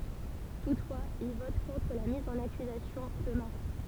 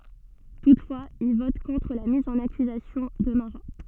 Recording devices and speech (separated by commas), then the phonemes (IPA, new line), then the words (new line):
temple vibration pickup, soft in-ear microphone, read sentence
tutfwaz il vɔt kɔ̃tʁ la miz ɑ̃n akyzasjɔ̃ də maʁa
Toutefois, il vote contre la mise en accusation de Marat.